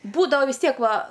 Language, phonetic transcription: Lithuanian, ˈbūdava vis ˈtiek ˈva

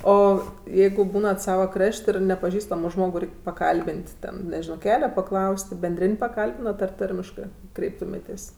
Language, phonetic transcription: Lithuanian, ˈo ˈjeigu ˈbūnat ˈsava ˈkrašt' ˈir nepaˈžįstamo ˈžmogu ˈreik' paˈkalbin't' ˈten neˈžino ˈkele paˈklaus't' benˈdrin' paˈkalbinat ar ˈtarmiškɜ ˈkreiptumėtės'

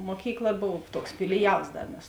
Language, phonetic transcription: Lithuanian, ˈmokykˌla ˈbov ˈtuoks filiˈjals ˈda mes

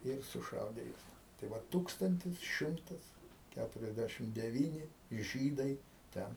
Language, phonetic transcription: Lithuanian, ir suˈšaudė ˈjuos tai ˈvat ˈtūkstantis ˈšimtas ˈkæturiasˈdæšim deˈvyni ˈžydai ˈten

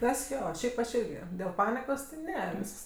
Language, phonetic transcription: Lithuanian, ˈtas ˈjo ˈšiaip aš ˈirgi dėl ˈpanikos ti ˈne ˈvysks

